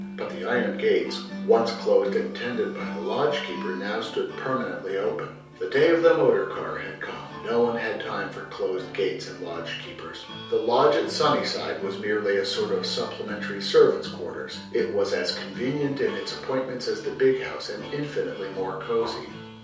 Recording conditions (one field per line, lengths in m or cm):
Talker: one person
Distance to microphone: 3.0 m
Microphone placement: far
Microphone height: 1.8 m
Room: small (3.7 m by 2.7 m)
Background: music